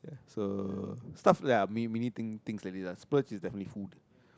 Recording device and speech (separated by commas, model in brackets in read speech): close-talking microphone, conversation in the same room